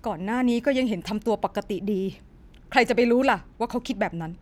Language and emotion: Thai, frustrated